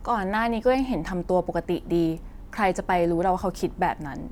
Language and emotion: Thai, frustrated